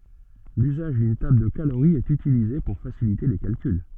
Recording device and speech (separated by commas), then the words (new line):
soft in-ear microphone, read sentence
L'usage d'une table de calorie est utilisée pour faciliter les calculs.